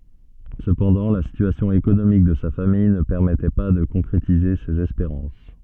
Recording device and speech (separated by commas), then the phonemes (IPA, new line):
soft in-ear microphone, read sentence
səpɑ̃dɑ̃ la sityasjɔ̃ ekonomik də sa famij nə pɛʁmɛtɛ pa də kɔ̃kʁetize sez ɛspeʁɑ̃s